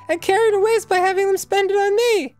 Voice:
Falsetto